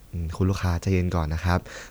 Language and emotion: Thai, neutral